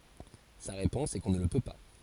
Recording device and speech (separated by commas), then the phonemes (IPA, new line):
forehead accelerometer, read sentence
sa ʁepɔ̃s ɛ kɔ̃ nə lə pø pa